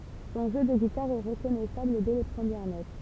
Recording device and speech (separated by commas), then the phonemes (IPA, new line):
temple vibration pickup, read sentence
sɔ̃ ʒø də ɡitaʁ ɛ ʁəkɔnɛsabl dɛ le pʁəmjɛʁ not